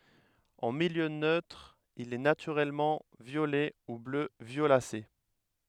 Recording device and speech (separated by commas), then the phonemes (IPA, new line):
headset microphone, read sentence
ɑ̃ miljø nøtʁ il ɛ natyʁɛlmɑ̃ vjolɛ u blø vjolase